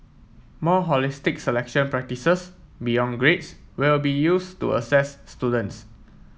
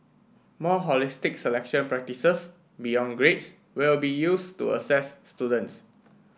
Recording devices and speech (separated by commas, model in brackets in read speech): mobile phone (iPhone 7), boundary microphone (BM630), read sentence